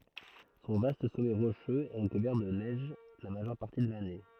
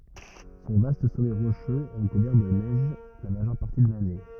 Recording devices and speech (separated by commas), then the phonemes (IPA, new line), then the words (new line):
throat microphone, rigid in-ear microphone, read sentence
sɔ̃ vast sɔmɛ ʁoʃøz ɛ ʁəkuvɛʁ də nɛʒ la maʒœʁ paʁti də lane
Son vaste sommet rocheux est recouvert de neige la majeure partie de l'année.